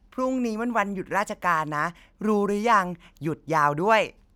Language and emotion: Thai, happy